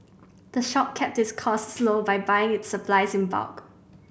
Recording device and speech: boundary microphone (BM630), read sentence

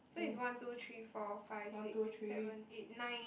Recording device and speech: boundary microphone, conversation in the same room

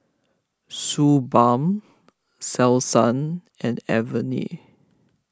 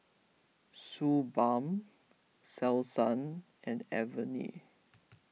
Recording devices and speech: close-talking microphone (WH20), mobile phone (iPhone 6), read sentence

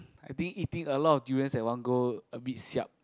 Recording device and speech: close-talking microphone, conversation in the same room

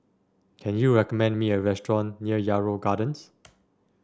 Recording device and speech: standing microphone (AKG C214), read sentence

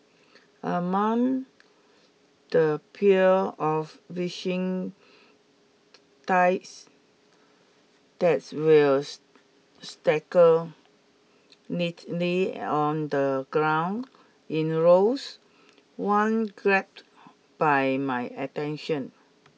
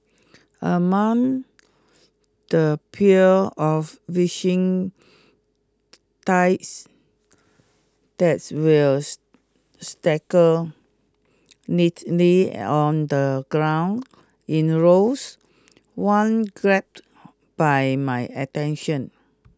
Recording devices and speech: mobile phone (iPhone 6), close-talking microphone (WH20), read sentence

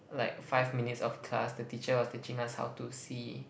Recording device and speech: boundary microphone, conversation in the same room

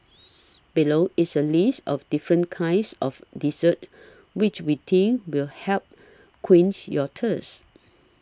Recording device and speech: standing microphone (AKG C214), read sentence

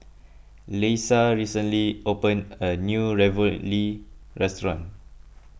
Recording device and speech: boundary microphone (BM630), read sentence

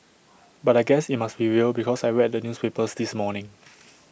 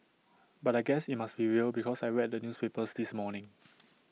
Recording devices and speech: boundary microphone (BM630), mobile phone (iPhone 6), read sentence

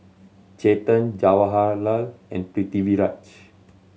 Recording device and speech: mobile phone (Samsung C7100), read sentence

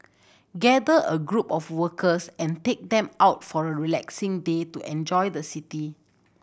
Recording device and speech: boundary microphone (BM630), read sentence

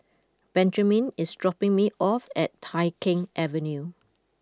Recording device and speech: close-talking microphone (WH20), read sentence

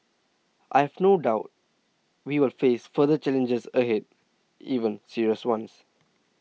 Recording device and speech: mobile phone (iPhone 6), read sentence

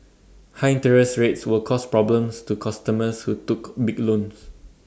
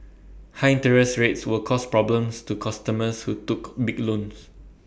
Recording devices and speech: standing microphone (AKG C214), boundary microphone (BM630), read sentence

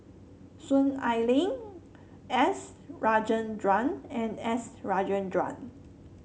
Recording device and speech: mobile phone (Samsung C7), read sentence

